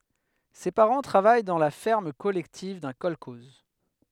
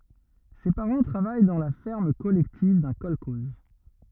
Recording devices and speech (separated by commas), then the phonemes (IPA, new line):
headset microphone, rigid in-ear microphone, read sentence
se paʁɑ̃ tʁavaj dɑ̃ la fɛʁm kɔlɛktiv dœ̃ kɔlkɔz